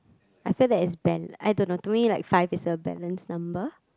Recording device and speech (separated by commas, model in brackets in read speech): close-talking microphone, conversation in the same room